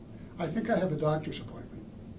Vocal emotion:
neutral